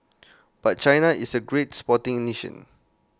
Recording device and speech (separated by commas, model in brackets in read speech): close-talking microphone (WH20), read sentence